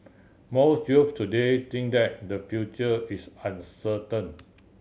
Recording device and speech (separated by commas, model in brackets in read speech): mobile phone (Samsung C7100), read sentence